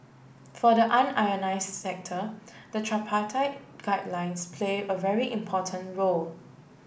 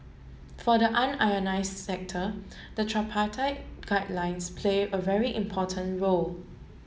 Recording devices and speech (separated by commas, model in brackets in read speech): boundary microphone (BM630), mobile phone (Samsung S8), read sentence